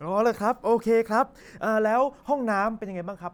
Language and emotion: Thai, happy